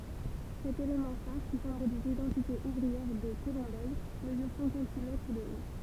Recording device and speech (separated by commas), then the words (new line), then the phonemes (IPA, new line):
temple vibration pickup, read sentence
Cet élément phare, qui symbolise l'identité ouvrière de Colombelles, mesure cinquante-six mètres de haut.
sɛt elemɑ̃ faʁ ki sɛ̃boliz lidɑ̃tite uvʁiɛʁ də kolɔ̃bɛl məzyʁ sɛ̃kɑ̃t si mɛtʁ də o